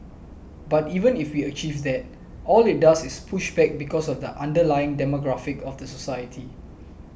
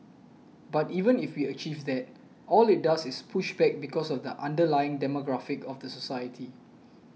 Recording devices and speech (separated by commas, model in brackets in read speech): boundary microphone (BM630), mobile phone (iPhone 6), read sentence